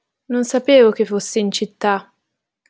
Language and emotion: Italian, neutral